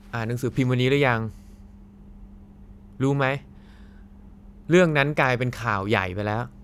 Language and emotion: Thai, frustrated